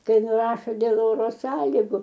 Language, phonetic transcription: Lithuanian, ˈkai nuˈrašo dėl ˈoro ˈsąligu

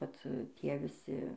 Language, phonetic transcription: Lithuanian, ˈvat ˈtie viˈsi

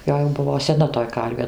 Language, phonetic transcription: Lithuanian, ˈjo jau ˈbuvo seˈna toj ˈkarvė

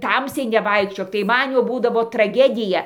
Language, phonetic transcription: Lithuanian, ˈtamsiai neˈvaikščiok tai ˈman jau ˈbūdavo traˈgedija

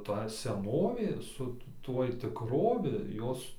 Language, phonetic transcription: Lithuanian, ta seˈnovė su ˈtuoj tikˈrovi ˈjos

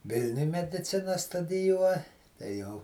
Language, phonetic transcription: Lithuanian, ˈvilniuj mediˈcina studiˈjuo tai ˈjau

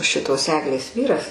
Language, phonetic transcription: Lithuanian, ˈšitos ˈeglės ˈvyras

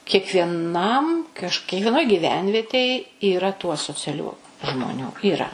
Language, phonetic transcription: Lithuanian, kiekvieˈnam kaž kiekvieˈnoj gyˈvenvietėj yˈra tų asociaˈlių žmoˈnių yˈra

